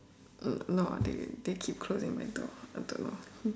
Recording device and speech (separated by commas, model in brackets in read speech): standing microphone, conversation in separate rooms